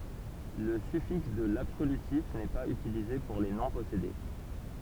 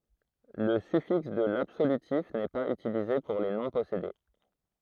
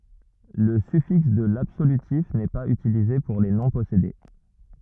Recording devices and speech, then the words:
temple vibration pickup, throat microphone, rigid in-ear microphone, read sentence
Le suffixe de l'absolutif n'est pas utilisé pour les noms possédés.

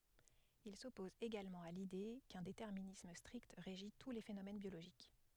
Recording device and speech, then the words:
headset microphone, read sentence
Il s'oppose également à l'idée qu'un déterminisme strict régit tous les phénomènes biologiques.

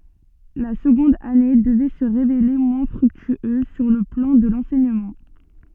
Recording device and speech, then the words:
soft in-ear microphone, read sentence
La seconde année devait se révéler moins fructueuse sur le plan de l’enseignement.

